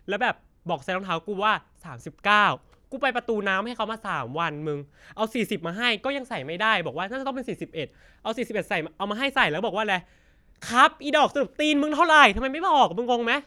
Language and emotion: Thai, frustrated